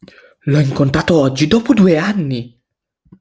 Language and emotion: Italian, surprised